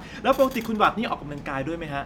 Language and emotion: Thai, happy